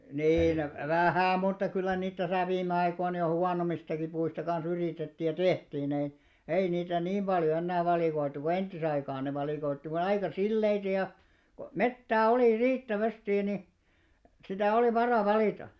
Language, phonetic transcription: Finnish, 'nii nʸ , "vähä̀ mutta 'kyllä niit täsä 'viimme aikoin jo 'huanom̆mistaki puista kan̬'s ‿yrìtettì ja "tehtiin ‿ei , 'ei niitä "niim ʙaljo 'ennää valìkoit̆tu ko "enttisaikaan ne valìkoittiva 'aika "silleitᵃ̈ ja , ko "mettää 'olì "riittä'västì ni , sitä 'olì "varà 'valìta .
- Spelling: niin nyt vähän mutta kyllä niitä tässä viime aikoina jo huonommistakin puista kanssa yritettiin ja tehtiin ei ei niitä niin paljon enää valikoitu kuin entisaikaan ne valikoivat aika sileitä ja kun metsää oli riittävästi niin sitä oli vara valita

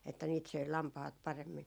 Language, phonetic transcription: Finnish, että niit söi "lampahat 'paremmin .
- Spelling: että niitä söi lampaat paremmin

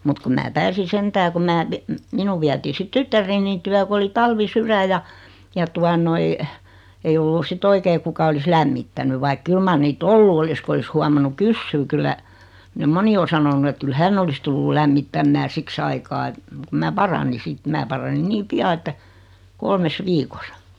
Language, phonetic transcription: Finnish, mut kum 'mää "pääsi 'sentää kum 'mää pi- , 'minu viätii 'sit "tyttär̀enin tyä 'ku oli 'talvi'syrä ja , ja 'tua noi , 'ei ollu si't ‿oikei 'kuka olis "lämmittäny vaik "kyl mar niit"t ‿ollu olis ku olis 'huamannu "kyssyy 'kyllä , (nym) "moni o 'sanonu et 'kyl "hänn ‿olis tullul 'lämmittämmää 'siks ‿aikaa et , muk kum mää "parani 'sit 'mä parani 'nii "pia että , 'kolmes 'viikosa .
- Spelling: mutta kun minä pääsin sentään kun minä - minun vietiin sitten tyttäreni tykö kun oli talvisydän ja ja tuota noin ei ollut sitten oikein kuka olisi lämmittänyt vaikka kyllä mar niitä ollut olisi kun olisi huomannut kysyä kyllä nyt moni on sanonut että kyllä hän olisi tullut lämmittämään siksi aikaa että mutta kun minä paranin sitten minä paranin niin pian että kolmessa viikossa

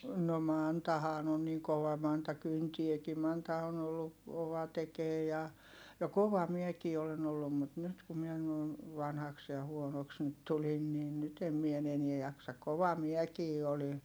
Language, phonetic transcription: Finnish, no Mantahaan ‿on niŋ kova Manta kyntieki Manta on ‿ollu , kova tekee ja , ja kova miɛkii olen ‿ollum mut nyt ku mie noi̮n , vanhaks ja huonoks nyt tulin niin nyt ‿em mie en ‿enie jaksa(.) kova miɛkii oli .
- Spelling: no Mantahan on niin kova Manta kyntääkin Manta on ollut kova tekemään ja ja kova minäkin olen ollut mutta nyt kun minä noin vanhaksi ja huonoksi nyt tulin niin nyt en minä en enää jaksa kova minäkin olin

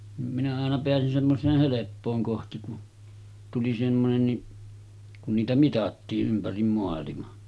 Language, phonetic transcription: Finnish, nim minä àena 'aena 'peäsin semmos̀eeh 'heleppooŋ 'kohti ku , tuli semmonenni , kun 'niitä "mitattii’ ’ympärim moalima .
- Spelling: niin minä aina aina pääsin semmoiseen helppoon kohti kun tuli semmoinenkin kun niitä mitattiin ympäri maailman

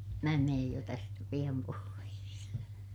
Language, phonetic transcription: Finnish, mää meej jo tästä piʲam pois .
- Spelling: minä menen jo tästä pian pois

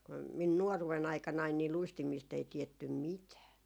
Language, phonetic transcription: Finnish, 'kum min "nuoruwe'n ‿aikanain ni 'luistimiist ‿ei tiettym "mitää .
- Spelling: kun minun nuoruuden aikanani niin luistimista ei tiedetty mitään

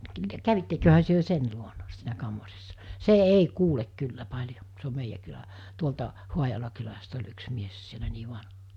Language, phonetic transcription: Finnish, 'kävitteköhä työ 'sen luona , siinä 'kammarissa , 'se 'ei 'kuulek 'kyllä 'paĺjo , se om 'meijä kylä , 'tuolta , 'Huajala kyläst ‿oĺ yks mies sielä nii 'va(nha) .
- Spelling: kävitteköhän te sen luona siinä kammarissa se ei kuule kyllä paljon se on meidän kylä tuolta Haajalan kylästä oli yksi mies siellä niin vanha

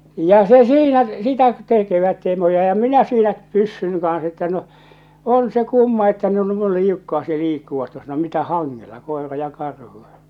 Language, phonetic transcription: Finnish, ja 'se "siinä , 'sitä 'tèkevät (siinä) ja 'minä siinä 'pyssynⁱ kans että no , 'on 'se 'kumma että nuo 'nuo̳l 'liukkaaste 'liikkuvat tuossa no mitä "haŋŋella , 'kòera ja 'karhu !
- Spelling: ja se siinä sitä tekevät siinä ja minä siinä pyssyn kanssa että no on se kumma että nuo noin liukkaasti liikkuvat tuossa no mitä hangella koira ja karhu

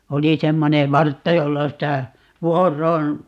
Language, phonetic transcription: Finnish, 'oli 'semmone "vartta jolla sitä , "vuor̀oon ,.
- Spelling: oli semmoinen vartta jolla sitä vuoroon

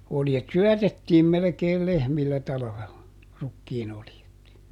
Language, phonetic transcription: Finnish, ˈoljet "syɔ̈̀tettiim melᵉkeel ˈlehmillä ˈtalᵃvella , ˈrukkiinoljet .
- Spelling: oljet syötettiin melkein lehmillä talvella rukiinoljet

